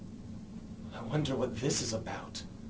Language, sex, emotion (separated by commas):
English, male, fearful